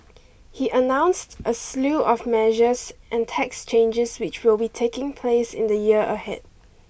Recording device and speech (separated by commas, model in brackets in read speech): boundary microphone (BM630), read sentence